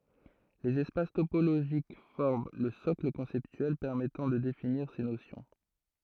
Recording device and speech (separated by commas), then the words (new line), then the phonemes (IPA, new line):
throat microphone, read sentence
Les espaces topologiques forment le socle conceptuel permettant de définir ces notions.
lez ɛspas topoloʒik fɔʁm lə sɔkl kɔ̃sɛptyɛl pɛʁmɛtɑ̃ də definiʁ se nosjɔ̃